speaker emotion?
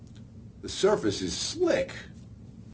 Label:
neutral